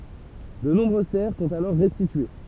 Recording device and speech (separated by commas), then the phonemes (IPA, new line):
temple vibration pickup, read sentence
də nɔ̃bʁøz tɛʁ sɔ̃t alɔʁ ʁɛstitye